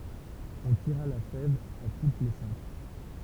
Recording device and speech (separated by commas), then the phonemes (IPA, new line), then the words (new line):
temple vibration pickup, read sentence
ɔ̃ tiʁa la fɛv a tut le sɛ̃k
On tira la fève à toutes les cinq.